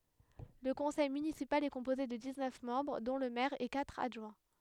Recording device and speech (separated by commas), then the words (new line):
headset microphone, read sentence
Le conseil municipal est composé de dix-neuf membres dont le maire et quatre adjoints.